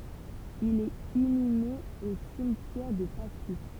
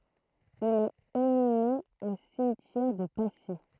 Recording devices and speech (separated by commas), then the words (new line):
temple vibration pickup, throat microphone, read sentence
Il est inhumé au cimetière de Passy.